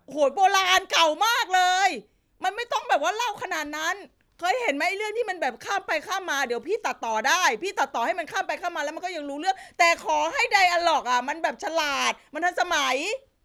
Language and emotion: Thai, frustrated